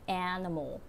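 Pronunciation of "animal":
In 'animal', everything is connected together, and the two vowels after the first one are schwas.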